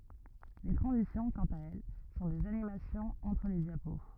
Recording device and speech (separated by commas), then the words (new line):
rigid in-ear microphone, read sentence
Les transitions, quant à elles, sont des animations entre les diapos.